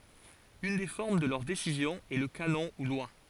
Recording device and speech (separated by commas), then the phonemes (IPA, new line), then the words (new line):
forehead accelerometer, read sentence
yn de fɔʁm də lœʁ desizjɔ̃z ɛ lə kanɔ̃ u lwa
Une des formes de leurs décisions est le canon ou loi.